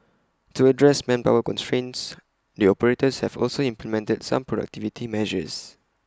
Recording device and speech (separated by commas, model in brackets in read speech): close-talking microphone (WH20), read sentence